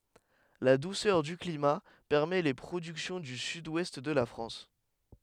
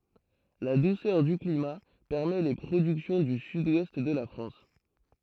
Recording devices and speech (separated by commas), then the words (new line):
headset microphone, throat microphone, read sentence
La douceur du climat permet les productions du Sud-Ouest de la France.